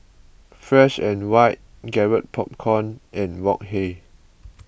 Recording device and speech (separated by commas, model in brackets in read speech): boundary microphone (BM630), read sentence